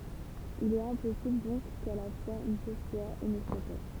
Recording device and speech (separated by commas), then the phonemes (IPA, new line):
temple vibration pickup, read sentence
il ɛt ɛ̃pɔsibl dɔ̃k ka la fwaz yn ʃɔz swa e nə swa pa